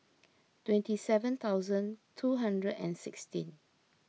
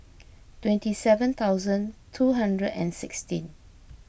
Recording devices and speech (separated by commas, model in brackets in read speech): mobile phone (iPhone 6), boundary microphone (BM630), read sentence